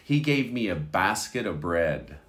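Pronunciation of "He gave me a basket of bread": In 'basket of bread', the word 'of' turns a bit into 'a', so it sounds close to 'basket a bread'.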